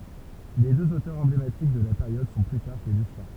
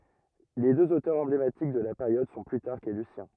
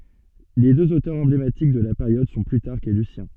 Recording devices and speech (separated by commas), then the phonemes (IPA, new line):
temple vibration pickup, rigid in-ear microphone, soft in-ear microphone, read sentence
le døz otœʁz ɑ̃blematik də la peʁjɔd sɔ̃ plytaʁk e lysjɛ̃